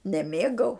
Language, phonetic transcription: Lithuanian, neˈmėgau

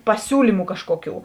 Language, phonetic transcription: Lithuanian, paˈsiūlymu ˈkažkuoˌkių

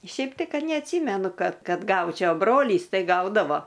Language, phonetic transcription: Lithuanian, ˈšiaip tai ˈkad neatˈsymenu ˈkad ˈkad ˈgaučiau a ˈbrolys ˈtai ˈgaudavo

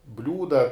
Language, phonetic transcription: Lithuanian, ˈbliūda

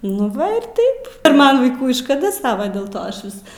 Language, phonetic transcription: Lithuanian, nu ˈva ir ˈtaip ir ˈman vaiˈkų i škaˈda ˈsava del ˈto ˈaš ˈvis

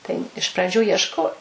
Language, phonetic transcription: Lithuanian, tai iš praˈdžių iešˈko

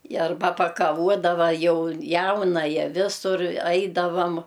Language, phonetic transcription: Lithuanian, i arˈba pakaˈvuodava ˈjau ˈjaunaja ˈvisur ˈaidavam

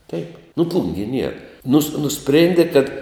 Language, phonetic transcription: Lithuanian, teip nu ˈplungie nier nus nuˈsprėndi kad

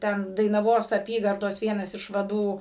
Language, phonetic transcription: Lithuanian, ˈten dainaˈvos aˈpygardos ˈvienas iš vaˈdų

